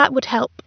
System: none